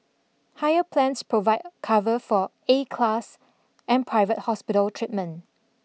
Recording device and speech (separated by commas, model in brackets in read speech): mobile phone (iPhone 6), read sentence